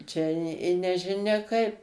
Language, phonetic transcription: Lithuanian, ˈčia i i nežiˈnia ˈkaip

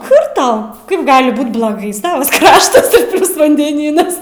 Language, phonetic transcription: Lithuanian, kur tau ˈkaip ˈgali ˈbūt bloˈgai ˈsavas ˈkraštas ir ˈplius vandeˈnynas

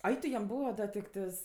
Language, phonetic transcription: Lithuanian, ˈai tu jam ˈbūva ˈda tikˈtɜs

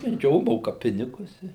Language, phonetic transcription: Lithuanian, ˈjo ˈmoka ˈpinigus ˈi

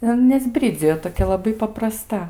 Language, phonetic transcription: Lithuanian, ir ˈan neˈsbridzijo toˈkia laˈbai papraˈsta

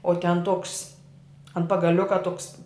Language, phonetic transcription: Lithuanian, o ten toks ant pagaˈliuka toks

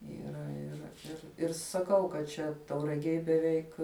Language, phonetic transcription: Lithuanian, yˈra iˈra ir ir saˈkau kad ˈčia tauraˈgėj beˈveik

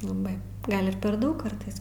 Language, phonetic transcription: Lithuanian, laˈbai ˈgal' ir per ˈdaug ˈkartais

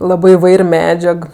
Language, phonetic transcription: Lithuanian, ˈlabɜ iˈvair' ˈmedžiag

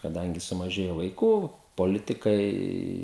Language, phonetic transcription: Lithuanian, kaˈdangi sumaˈžėjo vaiˈkų poˈlitikai

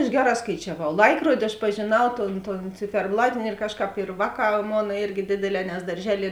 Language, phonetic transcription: Lithuanian, aš ˈgeˌrā skaičiaˈvau ˈlaikruodi aš pažėˈnau ˈton ˈton ciferˈblatini ir ˈkažˌkāp ir ˈvāˌkā ˈmona ˈirgi ˈdėdėˌlē nes darˈželie

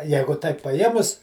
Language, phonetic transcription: Lithuanian, ˈjeigu taip paˈjėmus

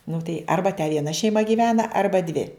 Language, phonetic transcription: Lithuanian, nu tai ˈarba te vieˈna šeiˈma gyˈvena ˈarba dvi

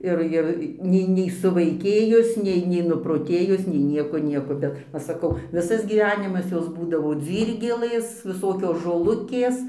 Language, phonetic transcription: Lithuanian, ˈir ir ˈnei nei suvaiˈkėjus ˈnei nei nuproˈtėjus nei ˈnieko ˈnieko ˈbet ˈva saˈkau ˈvisas gyˈvenimas ˈjos būdavo ˈdzyrgelɘs viˈsokios žoˈlukės

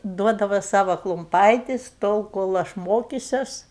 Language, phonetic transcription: Lithuanian, ˈduodava ˈsava klumˈpaitis ˈtol kol ˈaš ˈmokises

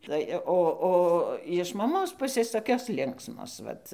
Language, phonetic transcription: Lithuanian, ˈtai o ˈo jiš maˈmos ˈpusės toˈkios ˈlinksmos ˈvat

